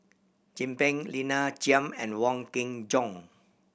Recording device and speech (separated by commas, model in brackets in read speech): boundary microphone (BM630), read sentence